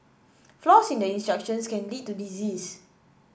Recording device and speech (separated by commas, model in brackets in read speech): boundary microphone (BM630), read sentence